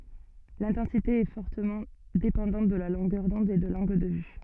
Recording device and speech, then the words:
soft in-ear microphone, read sentence
L'intensité est fortement dépendante de la longueur d'onde et de l'angle de vue.

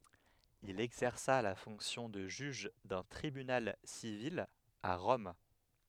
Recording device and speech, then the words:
headset microphone, read sentence
Il exerça la fonction de juge d'un tribunal civil à Rome.

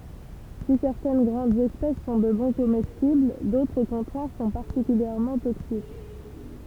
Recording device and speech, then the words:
temple vibration pickup, read sentence
Si certaines grandes espèces sont de bons comestibles, d'autres au contraire sont particulièrement toxiques.

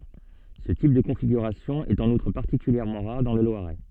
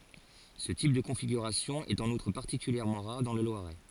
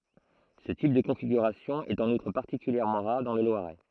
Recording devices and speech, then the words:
soft in-ear microphone, forehead accelerometer, throat microphone, read sentence
Ce type de configuration est en outre particulièrement rare dans le Loiret.

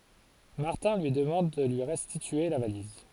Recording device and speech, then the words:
forehead accelerometer, read sentence
Martin lui demande de lui restituer la valise.

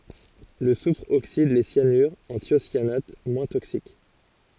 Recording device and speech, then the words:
forehead accelerometer, read sentence
Le soufre oxyde les cyanures en thiocyanates moins toxiques.

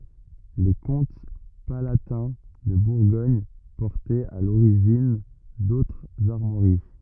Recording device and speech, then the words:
rigid in-ear microphone, read sentence
Les comtes palatins de Bourgogne portaient à l'origine d'autres armoiries.

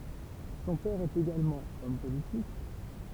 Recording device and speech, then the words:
temple vibration pickup, read sentence
Son père est également homme politique.

